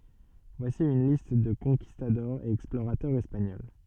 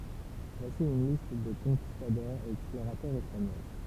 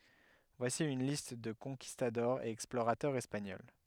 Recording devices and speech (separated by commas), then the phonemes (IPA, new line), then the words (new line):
soft in-ear microphone, temple vibration pickup, headset microphone, read sentence
vwasi yn list də kɔ̃kistadɔʁz e ɛksploʁatœʁz ɛspaɲɔl
Voici une liste de conquistadors et explorateurs espagnols.